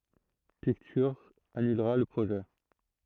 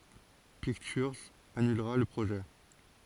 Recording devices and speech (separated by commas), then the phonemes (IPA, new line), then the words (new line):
throat microphone, forehead accelerometer, read sentence
piktyʁz anylʁa lə pʁoʒɛ
Pictures annulera le projet.